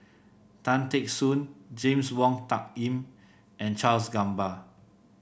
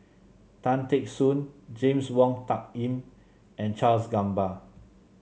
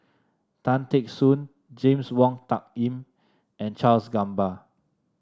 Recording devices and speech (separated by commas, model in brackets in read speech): boundary microphone (BM630), mobile phone (Samsung C7), standing microphone (AKG C214), read sentence